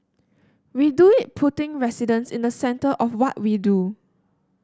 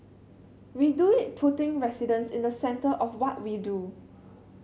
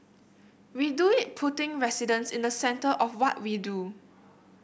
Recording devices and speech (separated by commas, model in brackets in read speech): standing microphone (AKG C214), mobile phone (Samsung C7100), boundary microphone (BM630), read sentence